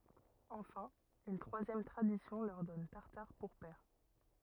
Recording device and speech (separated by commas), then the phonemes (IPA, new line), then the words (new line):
rigid in-ear microphone, read sentence
ɑ̃fɛ̃ yn tʁwazjɛm tʁadisjɔ̃ lœʁ dɔn taʁtaʁ puʁ pɛʁ
Enfin, une troisième tradition leur donne Tartare pour père.